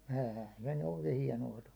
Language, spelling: Finnish, eihän se nyt oikein hienoa tullut
- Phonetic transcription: '^ä§häɴ se ny oɪkᴇ 'hiɛno₍a tullu .

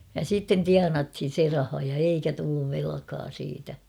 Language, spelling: Finnish, ja sitten tienattiin se raha ja eikä tullut velkaa siitä
- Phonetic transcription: ja 'sitten "tianathin̬ 'se raha ja 'eikä tulluv 'velᵃkaa siitä .

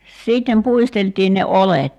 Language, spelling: Finnish, sitten puisteltiin ne oljet
- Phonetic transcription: 'sìttem 'puistelt̀iin ne "olet .

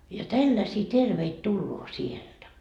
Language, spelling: Finnish, ja tällaisia terveitä tulee sieltä
- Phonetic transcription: ja "tälläsii 'terveit 'tulloo "sielDä .

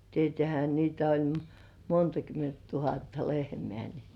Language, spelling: Finnish, tietäähän niitä oli monta kymmentä tuhatta lehmää niin
- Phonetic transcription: tietĕä̀hä niitä oĺ , "monta 'kyment 'tuhatta lehmĕä̀ ni ,.

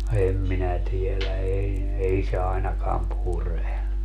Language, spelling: Finnish, en minä tiedä ei ei se ainakaan pure
- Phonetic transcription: 'em minä 'tielä 'ei , 'ei se 'ainakaam "pure .

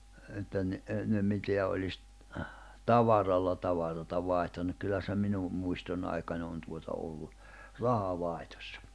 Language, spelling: Finnish, että niin ennen mitä olisi tavaralla tavaraa vaihtanut kyllä se minun muistoni aikana on tuota ollut rahavaihdossa
- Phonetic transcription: että ni , (ennem) 'miteä oĺis , "tavaralla 'tavarata 'vàihtannuk kyllä se 'minu , 'muistonⁿ ‿aikan ‿on tuota ollu , 'raha'vài̬htᴏssᴀ .

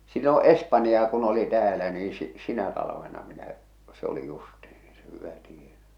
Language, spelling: Finnish, silloin espanjaa kun oli täällä niin - sinä talvena minä se oli justiin se hyvä tiena
- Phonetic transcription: silloo̰ "'espanjaa kun oli täälä nii si- , 'sinä talavena minä , se ‿oli justih̬ɪ , se hyvä 'tienä .

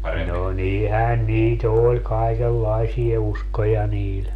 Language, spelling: Finnish, no niinhän niitä oli kaikenlaisia uskoja niillä
- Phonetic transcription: no 'nihän nii"t ‿oĺ 'kaikellaisie 'uskoja 'niil .

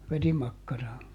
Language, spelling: Finnish, verimakkaraa
- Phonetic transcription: ˈverimakkaraa .

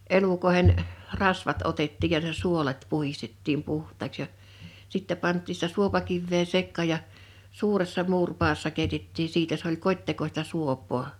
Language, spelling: Finnish, elukoiden rasvat otettiin ja ne suolet puhdistettiin puhtaaksi ja sitten pantiin sitä suopakiveä sekaan ja suuressa muuripadassa keitettiin siitä se oli kotitekoista suopaa
- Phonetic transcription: 'elukoehen , "rasvat 'otettiiʲ ja (n)e "suolet 'puhistettiim 'puh̀taaks ja , 'sittɛ 'pant̆tii sⁱtä 'suopakivvee 'sekkà ja , 'suuressa 'muurpaassa 'kèitettii 'siitä s ‿oĺ 'kot́tekosta 'suop̀oo .

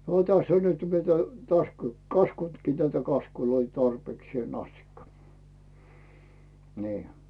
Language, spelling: Finnish, tässä on nyt mitä - kaskunnutkin tätä kaskuja tarpeeksi asti niin
- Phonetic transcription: 'täss ‿on nyt mitä täs- , 'kaskuntkii tätä 'kaskuloi tarpeeksⁱèn ‿astikka , nii .

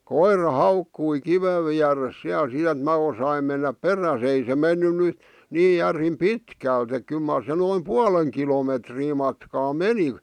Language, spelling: Finnish, koira haukkui kiven vieressä siellä sitten että minä osasin mennä perässä ei se mennyt nyt niin järin pitkälti että kyllä mar se noin puolen kilometriä matkaa meni
- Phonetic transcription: koira "haukkui 'kivev viäres siäl sit ‿ᵉt 'mä osaim mennäp "perä's ‿ei se menny ny , 'nii 'järim "pitkä̀lt ‿ek 'kyl mar se noim "pualeŋ kilometrii matkaa "meni .

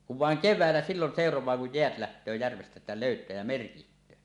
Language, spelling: Finnish, kun vain keväällä silloin seuraa kun jäät lähtee järvestä että löytää ja merkitsee
- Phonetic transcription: kuv 'vàeŋ "kev̆vä̀ellä "sillon 'sèoroẁaa kuj jeät lähtöö järvestä ᵉttä 'lòytää jä 'merkiht̀öö .

